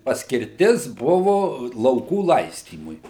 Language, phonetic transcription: Lithuanian, paskirˈtis ˈbuvu lauˈkų ˈlaistymui

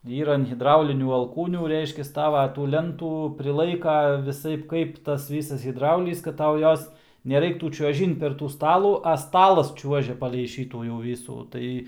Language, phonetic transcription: Lithuanian, ˈyra an hidˈraulinių alˈkūnių ˈreiškias ˈtava tų ˈlentų priˈlaika viˈsaip ˈkaip ˈtas ˈvysas hidˈraulys kad ˈtau ˈjos neˈraiktų čiuoˈžint per ˈtų ˈstalų a ˈstalas ˈčiuožia palei ˈšytų jau ˈvysų ˈtai

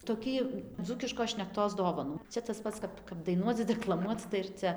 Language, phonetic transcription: Lithuanian, toˈkį ˈdzūkiškos šnekˈtos ˈdovanų ˈčia tas ˈpats ˈkap kap daiˈnuoc deklaˈmuoc tai ir ˈcia

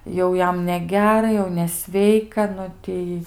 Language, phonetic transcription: Lithuanian, ˈjau ˈjam neˈgera ˈjau neˈsveika ˈnu ˈtei

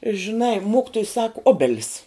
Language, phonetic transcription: Lithuanian, žiˈnai ˈmokitoj sak ˈobelis

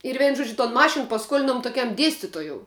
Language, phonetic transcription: Lithuanian, ir ˈveinu ˈžuodžiu ton ˈmašin paˈskuolinom toˈkiam ˈdiestitojou

